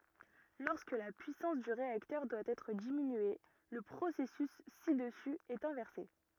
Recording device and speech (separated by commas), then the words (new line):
rigid in-ear microphone, read sentence
Lorsque la puissance du réacteur doit être diminuée, le processus ci-dessus est inversé.